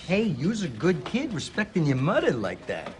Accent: in Brooklyn accent